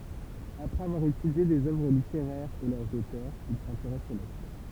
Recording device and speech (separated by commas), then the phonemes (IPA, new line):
temple vibration pickup, read sentence
apʁɛz avwaʁ etydje dez œvʁ liteʁɛʁz e lœʁz otœʁz il sɛ̃teʁɛs o lɛktœʁ